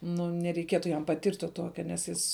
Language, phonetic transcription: Lithuanian, nu nereiˈkietu jam paˈtirt' tuo ˈtuoke nes ˈjis

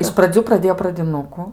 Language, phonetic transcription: Lithuanian, iš praˈdzių praˈdėjo pradiˈnuku

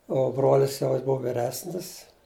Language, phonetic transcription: Lithuanian, ˈo ˈbrolis jau ˈjis ˈbuvu viˈresnis

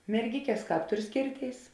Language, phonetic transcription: Lithuanian, merˈgikes ˈkāp ˈtur ˈskėrˌtėis

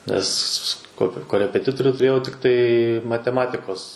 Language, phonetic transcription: Lithuanian, ˈnes ko korepeˈtitoriu tuˈrėjau tikˈtai mateˈmatikos

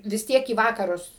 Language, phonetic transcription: Lithuanian, vis ˈtiek į ˈ vakarus

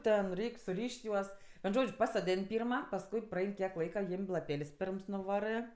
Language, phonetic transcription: Lithuanian, ˈten ˈreik' suˈryš't' ˈjuos vien ˈžodž' pasoˈdėn' ˈpyrma pasˈkui praˈein kiek ˈlaika ˈjim' laˈpėl's' ˈper nuˈvarɜ

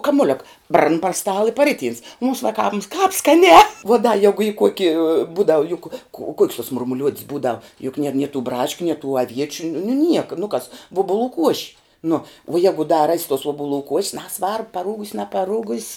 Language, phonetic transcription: Lithuanian, kamuˈliuk bran par ˈstala i paˈriˌtyns mums vaˈkāms kāp skaˈnē vuo da ˈjegu y ˈkuoki ˈbūdavu juk ku o kuok's tuo murmuˈliuod's ˈbūdav juk nier nie tų ˈbraškiu nie tų aˈviečiu nu nu niek nu kas ˈvuobuˌlų ˈkuoši ˈnu vuo ˈjegu da ras' tuos uobuˈlų kuoš's ˈnesvarb paˈrūgus' nepaˈrūgus'

